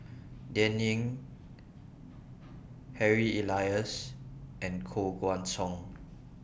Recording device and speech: boundary microphone (BM630), read sentence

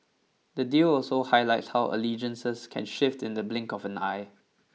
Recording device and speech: mobile phone (iPhone 6), read sentence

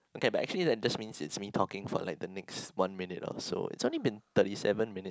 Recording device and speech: close-talking microphone, conversation in the same room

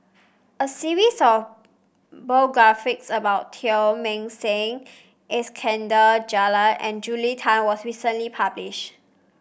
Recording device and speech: boundary microphone (BM630), read sentence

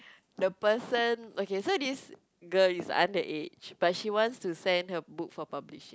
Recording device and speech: close-talking microphone, conversation in the same room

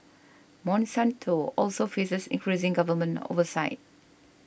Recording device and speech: boundary microphone (BM630), read sentence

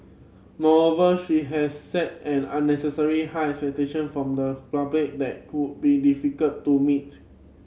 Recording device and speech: mobile phone (Samsung C7100), read sentence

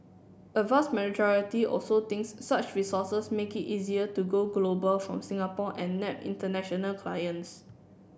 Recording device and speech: boundary microphone (BM630), read sentence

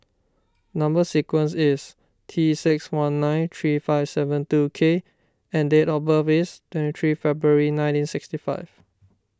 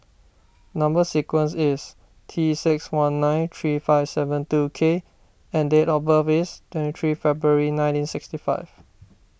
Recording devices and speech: standing microphone (AKG C214), boundary microphone (BM630), read sentence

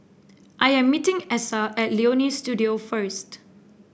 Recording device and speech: boundary microphone (BM630), read sentence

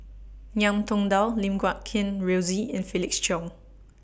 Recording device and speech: boundary microphone (BM630), read sentence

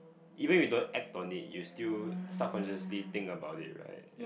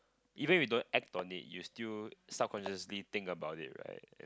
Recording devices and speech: boundary microphone, close-talking microphone, conversation in the same room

